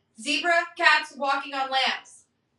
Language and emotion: English, neutral